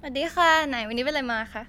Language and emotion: Thai, happy